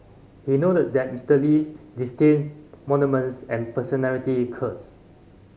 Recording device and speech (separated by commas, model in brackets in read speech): mobile phone (Samsung C5010), read sentence